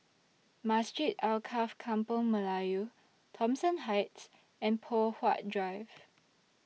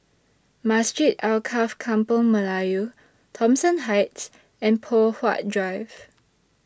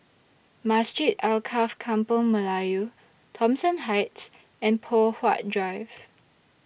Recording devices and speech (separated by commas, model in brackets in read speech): mobile phone (iPhone 6), standing microphone (AKG C214), boundary microphone (BM630), read sentence